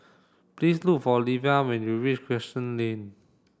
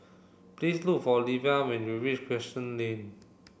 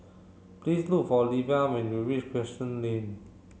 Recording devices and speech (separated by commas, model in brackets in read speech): standing microphone (AKG C214), boundary microphone (BM630), mobile phone (Samsung C7), read sentence